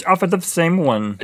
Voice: funny voice